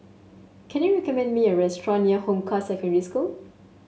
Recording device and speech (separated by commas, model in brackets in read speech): mobile phone (Samsung S8), read sentence